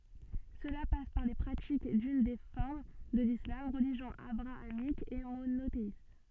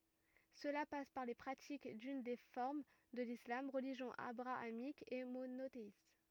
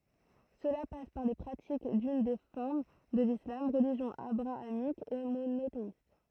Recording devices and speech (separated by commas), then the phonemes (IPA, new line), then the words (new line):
soft in-ear microphone, rigid in-ear microphone, throat microphone, read sentence
səla pas paʁ le pʁatik dyn de fɔʁm də lislam ʁəliʒjɔ̃ abʁaamik e monoteist
Cela passe par les pratiques d'une des formes de l'islam, religion abrahamique et monothéiste.